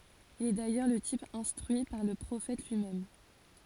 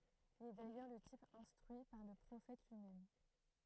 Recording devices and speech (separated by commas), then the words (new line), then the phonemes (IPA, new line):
forehead accelerometer, throat microphone, read sentence
Il est d’ailleurs le type instruit par le Prophète lui-même.
il ɛ dajœʁ lə tip ɛ̃stʁyi paʁ lə pʁofɛt lyimɛm